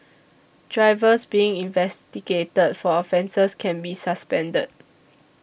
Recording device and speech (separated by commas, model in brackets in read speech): boundary microphone (BM630), read sentence